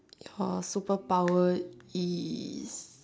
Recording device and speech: standing microphone, conversation in separate rooms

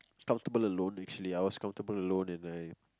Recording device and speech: close-talking microphone, conversation in the same room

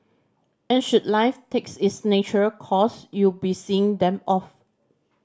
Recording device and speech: standing microphone (AKG C214), read sentence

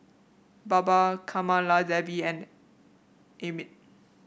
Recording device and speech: boundary microphone (BM630), read sentence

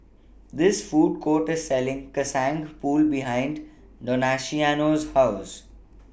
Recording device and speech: boundary microphone (BM630), read sentence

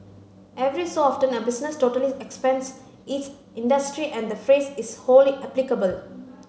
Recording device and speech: mobile phone (Samsung C9), read sentence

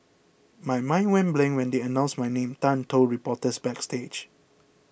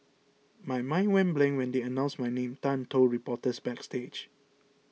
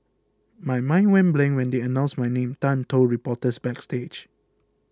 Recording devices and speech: boundary microphone (BM630), mobile phone (iPhone 6), close-talking microphone (WH20), read sentence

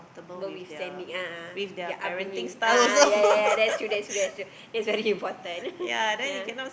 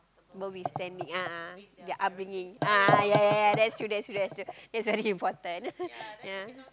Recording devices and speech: boundary microphone, close-talking microphone, conversation in the same room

